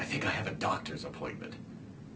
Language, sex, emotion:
English, male, neutral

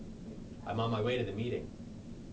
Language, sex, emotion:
English, male, neutral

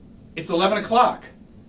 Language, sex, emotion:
English, male, neutral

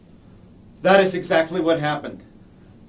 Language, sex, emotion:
English, male, angry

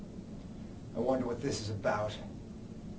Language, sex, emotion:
English, male, disgusted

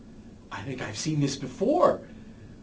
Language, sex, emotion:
English, male, happy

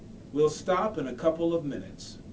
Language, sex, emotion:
English, male, neutral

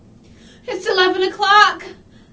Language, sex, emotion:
English, female, fearful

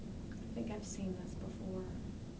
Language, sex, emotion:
English, female, neutral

